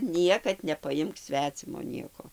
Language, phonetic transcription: Lithuanian, ˈniekad nepaˈjimk ˈsvecimo ˈnieko

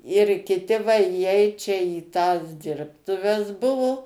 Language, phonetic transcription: Lithuanian, ir kiˈti va įˈeit čia į tas ˈdirbtuves ˈbuvu

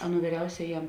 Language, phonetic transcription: Lithuanian, ˈaˌnų vyˈriausiajam

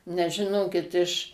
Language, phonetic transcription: Lithuanian, nes žiˈnokit iš

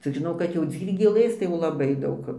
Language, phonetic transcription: Lithuanian, ˈcik žiˈnau kad jau ˈdzyrgėlɘs tai jau laˈbai ˈdaug

